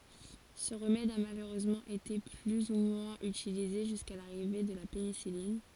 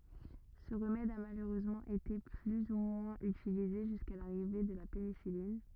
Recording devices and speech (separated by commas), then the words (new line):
forehead accelerometer, rigid in-ear microphone, read sentence
Ce remède a malheureusement été plus ou moins utilisé jusqu'à l'arrivée de la pénicilline.